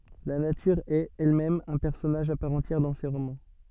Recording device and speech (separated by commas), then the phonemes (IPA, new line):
soft in-ear microphone, read sentence
la natyʁ ɛt ɛlmɛm œ̃ pɛʁsɔnaʒ a paʁ ɑ̃tjɛʁ dɑ̃ se ʁomɑ̃